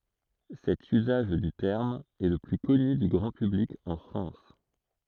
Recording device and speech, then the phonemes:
throat microphone, read sentence
sɛt yzaʒ dy tɛʁm ɛ lə ply kɔny dy ɡʁɑ̃ pyblik ɑ̃ fʁɑ̃s

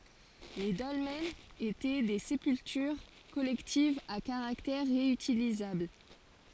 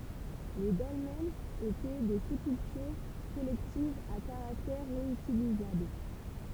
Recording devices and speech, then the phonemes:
forehead accelerometer, temple vibration pickup, read sentence
le dɔlmɛnz etɛ de sepyltyʁ kɔlɛktivz a kaʁaktɛʁ ʁeytilizabl

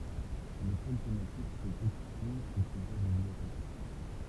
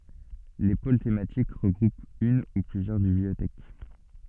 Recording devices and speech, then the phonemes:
temple vibration pickup, soft in-ear microphone, read sentence
le pol tematik ʁəɡʁupt yn u plyzjœʁ bibliotɛk

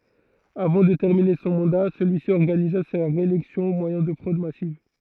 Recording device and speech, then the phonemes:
throat microphone, read sentence
avɑ̃ də tɛʁmine sɔ̃ mɑ̃da səlyi si ɔʁɡaniza sa ʁeelɛksjɔ̃ o mwajɛ̃ də fʁod masiv

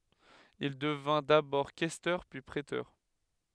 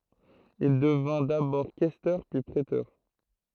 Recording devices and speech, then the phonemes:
headset microphone, throat microphone, read sentence
il dəvɛ̃ dabɔʁ kɛstœʁ pyi pʁetœʁ

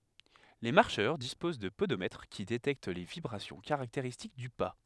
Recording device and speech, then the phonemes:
headset microphone, read sentence
le maʁʃœʁ dispoz də podomɛtʁ ki detɛkt le vibʁasjɔ̃ kaʁakteʁistik dy pa

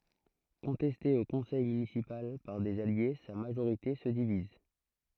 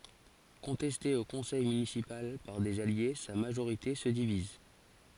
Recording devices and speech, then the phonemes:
throat microphone, forehead accelerometer, read sentence
kɔ̃tɛste o kɔ̃sɛj mynisipal paʁ dez alje sa maʒoʁite sə diviz

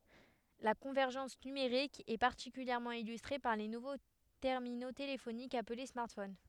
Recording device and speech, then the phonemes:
headset microphone, read sentence
la kɔ̃vɛʁʒɑ̃s nymeʁik ɛ paʁtikyljɛʁmɑ̃ ilystʁe paʁ le nuvo tɛʁmino telefonikz aple smaʁtfon

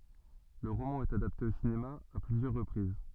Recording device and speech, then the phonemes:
soft in-ear microphone, read sentence
lə ʁomɑ̃ ɛt adapte o sinema a plyzjœʁ ʁəpʁiz

